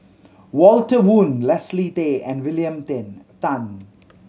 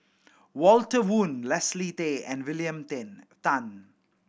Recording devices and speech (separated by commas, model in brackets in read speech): mobile phone (Samsung C7100), boundary microphone (BM630), read sentence